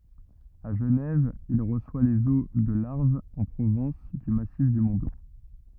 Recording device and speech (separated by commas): rigid in-ear microphone, read sentence